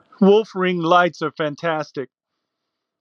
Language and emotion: English, sad